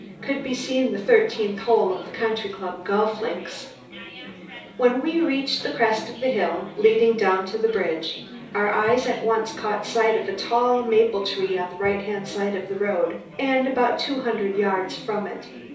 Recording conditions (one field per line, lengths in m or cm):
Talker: one person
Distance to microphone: 3.0 m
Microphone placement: far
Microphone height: 1.8 m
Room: small (3.7 m by 2.7 m)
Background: babble